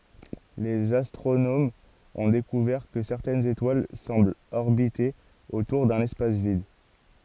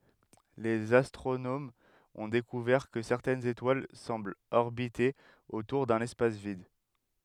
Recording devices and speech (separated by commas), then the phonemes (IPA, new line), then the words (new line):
forehead accelerometer, headset microphone, read sentence
lez astʁonomz ɔ̃ dekuvɛʁ kə sɛʁtɛnz etwal sɑ̃blt ɔʁbite otuʁ dœ̃n ɛspas vid
Les astronomes ont découvert que certaines étoiles semblent orbiter autour d'un espace vide.